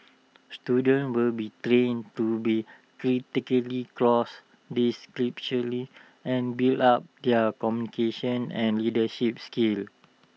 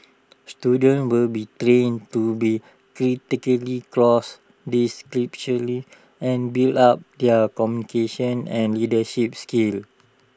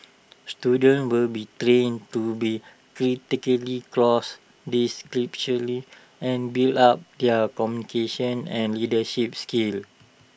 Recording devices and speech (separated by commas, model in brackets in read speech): mobile phone (iPhone 6), standing microphone (AKG C214), boundary microphone (BM630), read sentence